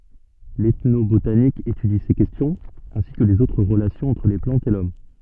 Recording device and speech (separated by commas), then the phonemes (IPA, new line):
soft in-ear microphone, read sentence
l ɛtnobotanik etydi se kɛstjɔ̃z ɛ̃si kə lez otʁ ʁəlasjɔ̃z ɑ̃tʁ le plɑ̃tz e lɔm